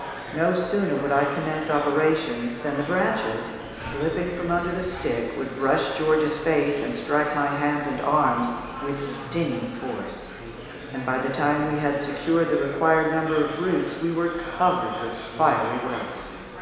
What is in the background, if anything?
Crowd babble.